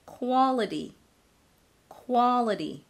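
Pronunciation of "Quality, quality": The t in 'quality' is said as a flap.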